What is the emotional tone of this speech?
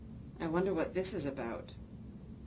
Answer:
neutral